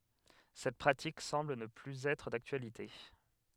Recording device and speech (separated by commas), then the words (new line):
headset microphone, read sentence
Cette pratique semble ne plus être d'actualité.